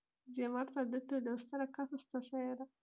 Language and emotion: Italian, sad